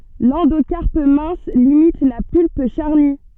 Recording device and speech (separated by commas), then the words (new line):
soft in-ear microphone, read sentence
L'endocarpe mince limite la pulpe charnue.